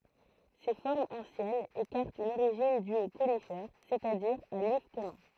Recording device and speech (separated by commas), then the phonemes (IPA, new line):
throat microphone, read sentence
se fɔʁmz ɑ̃sjɛnz ekaʁtt yn oʁiʒin dy o konifɛʁ sɛt a diʁ a lif kɔmœ̃